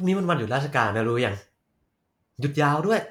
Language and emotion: Thai, happy